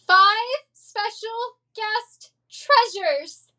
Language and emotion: English, fearful